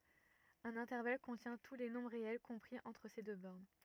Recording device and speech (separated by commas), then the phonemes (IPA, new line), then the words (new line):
rigid in-ear microphone, read sentence
œ̃n ɛ̃tɛʁval kɔ̃tjɛ̃ tu le nɔ̃bʁ ʁeɛl kɔ̃pʁi ɑ̃tʁ se dø bɔʁn
Un intervalle contient tous les nombres réels compris entre ces deux bornes.